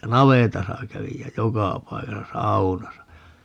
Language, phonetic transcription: Finnish, ja "navetasa 'kävij jä "jokà 'paikasa "saunasa .
- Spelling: ja navetassa kävin ja joka paikassa saunassa

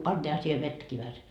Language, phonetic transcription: Finnish, 'pantiiha siihe 'vettäki vähäse .
- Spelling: pantiinhan siihen vettäkin vähäsen

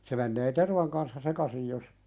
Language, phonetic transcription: Finnish, se mennee "tervaŋ kanssa 'sekasij jos ,.
- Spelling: se menee tervan kanssa sekaisin jos

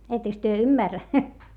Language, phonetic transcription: Finnish, etteks työ ymmärrä ?
- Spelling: ettekös te ymmärrä

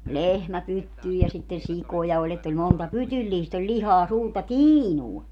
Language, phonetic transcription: Finnish, "lehmä 'pyttyy ja sitten̬ 'sikoja oĺ ‿ett ‿oĺ 'monta "pytylliist ‿oĺ 'ĺihaa 'suurta "tiinua .
- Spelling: lehmä pyttyyn ja sitten sikoja oli että oli monta pytyllistä oli lihaa suurta tiinua

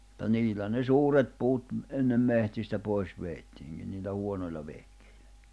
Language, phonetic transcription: Finnish, [mut]ta 'niil̆lä ne "suuret puut , ennem 'mehtistä 'pois 'veettiiŋkin̆ niillä 'huonoil̜a 'vehkᴇɪʟᴀ̈ .
- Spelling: mutta niillä ne suuret puut ennen metsistä pois vedettiinkin niillä huonoilla vehkeillä

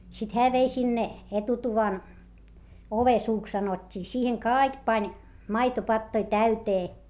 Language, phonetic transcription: Finnish, sit hää vei sinne , etutuvan , ovesuuks sanot́t́ii - siiheŋ kàik pań , maitopattoi täytee .
- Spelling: sitten hän vei sinne etutuvan ovensuuksi sanottiin siihen kaikki pani maitopatoja täyteen

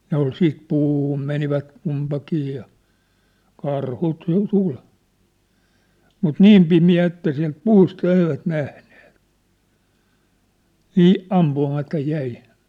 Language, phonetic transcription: Finnish, 'ne ‿ol siit 'pûhum menivät , 'kumpakii ja , 'karhu t̳́u- tul , mut "niim 'pimi₍ä että siä̭lt "puusta "eivät "nähnᴇᴇt , 'nii , 'am-pu₍amata 'jäi .
- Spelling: ne oli sitten puhunut menivät kumpikin ja karhu - tuli mutta niin pimeä että sieltä puusta eivät nähneet niin ampumatta jäi

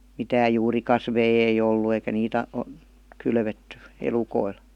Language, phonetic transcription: Finnish, 'mitääj 'juurikasvei ei 'ollu eikä 'niit ‿a- , o- , 'kylvetty , 'elukoil .
- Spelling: mitään juurikasveja ei ollut eikä niitä - - kylvetty elukoille

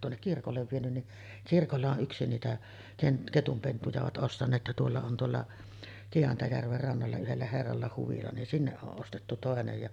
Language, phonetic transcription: Finnish, ja tuonnek kirkollev vienyn ni , kirkolla o’ '’yksi 'niitä ken- , 'ketumpentuja ovat 'ˀostan̆neet ja tuolla on 'tuolla , 'Ki₍antajärver rannalla 'yhellä 'herralla huvila nin 'sinneˀ 'ˀoˀ ˀostettu 'tòenej ja ,.
- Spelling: ja tuonne kirkolle vienyt niin kirkolla on yksi niitä - ketunpentuja ovat ostaneet ja tuolla on tuolla Kiantajärven rannalla yhdellä herralla huvila niin sinne on ostettu toinen ja

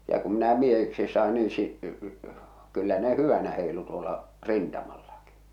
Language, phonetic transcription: Finnish, ja kum minä 'miehiksis 'sàe nii si- , kyllä ne "hyvänä 'hèi̬lu tuola , "rintamallaki !
- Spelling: ja kun minä miehiksi sain niin - kyllä ne hyvänä heilui tuolla rintamallakin

